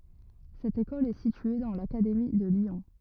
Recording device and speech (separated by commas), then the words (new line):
rigid in-ear microphone, read sentence
Cette école est située dans l'académie de Lyon.